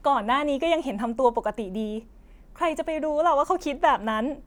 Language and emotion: Thai, sad